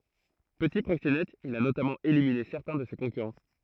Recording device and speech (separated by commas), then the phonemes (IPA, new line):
throat microphone, read sentence
pəti pʁoksenɛt il a notamɑ̃ elimine sɛʁtɛ̃ də se kɔ̃kyʁɑ̃